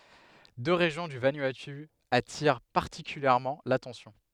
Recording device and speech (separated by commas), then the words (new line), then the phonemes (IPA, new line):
headset microphone, read sentence
Deux régions du Vanuatu attirent particulièrement l’attention.
dø ʁeʒjɔ̃ dy vanuatu atiʁ paʁtikyljɛʁmɑ̃ latɑ̃sjɔ̃